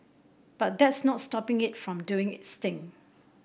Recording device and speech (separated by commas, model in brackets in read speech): boundary microphone (BM630), read sentence